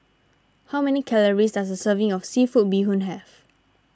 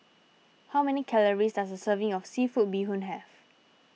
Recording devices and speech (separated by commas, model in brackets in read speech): standing microphone (AKG C214), mobile phone (iPhone 6), read sentence